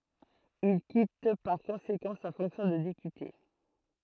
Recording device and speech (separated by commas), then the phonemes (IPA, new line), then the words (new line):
throat microphone, read sentence
il kit paʁ kɔ̃sekɑ̃ sa fɔ̃ksjɔ̃ də depyte
Il quitte par conséquent sa fonction de député.